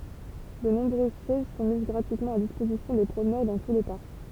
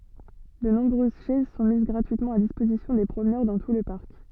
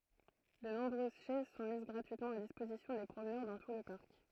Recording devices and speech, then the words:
temple vibration pickup, soft in-ear microphone, throat microphone, read sentence
De nombreuses chaises sont mises gratuitement à disposition des promeneurs dans tout le parc.

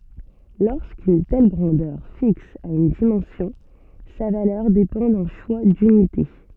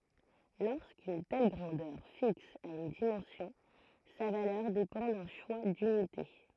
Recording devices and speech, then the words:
soft in-ear microphone, throat microphone, read sentence
Lorsqu'une telle grandeur fixe a une dimension, sa valeur dépend d'un choix d'unités.

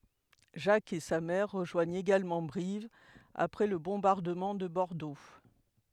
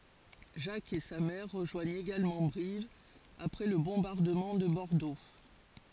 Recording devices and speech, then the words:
headset microphone, forehead accelerometer, read sentence
Jack et sa mère rejoignent également Brive après le bombardement de Bordeaux.

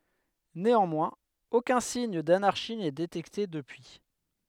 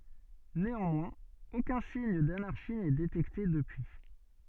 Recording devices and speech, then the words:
headset microphone, soft in-ear microphone, read sentence
Néanmoins aucun signe d'anarchie n'est détecté depuis.

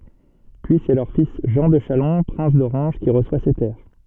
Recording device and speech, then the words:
soft in-ear microphone, read sentence
Puis c'est leur fils Jean de Chalon, prince d'Orange, qui reçoit ces terres.

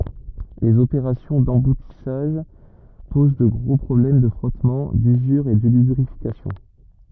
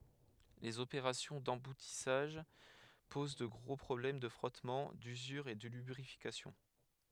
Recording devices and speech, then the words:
rigid in-ear microphone, headset microphone, read sentence
Les opérations d'emboutissage posent de gros problèmes de frottement, d'usure et de lubrification.

